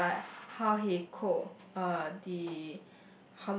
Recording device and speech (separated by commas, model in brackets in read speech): boundary microphone, conversation in the same room